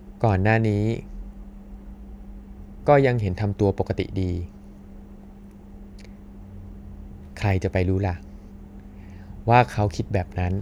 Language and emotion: Thai, frustrated